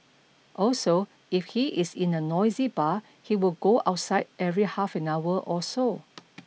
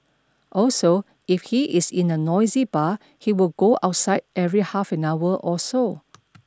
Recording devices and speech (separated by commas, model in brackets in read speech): mobile phone (iPhone 6), standing microphone (AKG C214), read sentence